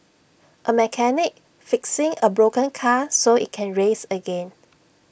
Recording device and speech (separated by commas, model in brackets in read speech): boundary microphone (BM630), read sentence